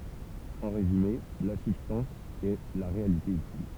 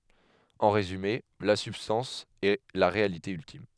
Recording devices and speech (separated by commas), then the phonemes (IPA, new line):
temple vibration pickup, headset microphone, read sentence
ɑ̃ ʁezyme la sybstɑ̃s ɛ la ʁealite yltim